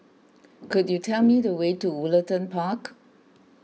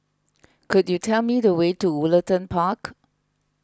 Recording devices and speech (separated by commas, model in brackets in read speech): mobile phone (iPhone 6), close-talking microphone (WH20), read sentence